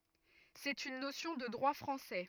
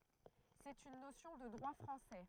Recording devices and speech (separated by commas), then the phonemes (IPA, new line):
rigid in-ear microphone, throat microphone, read sentence
sɛt yn nosjɔ̃ də dʁwa fʁɑ̃sɛ